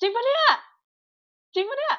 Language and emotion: Thai, happy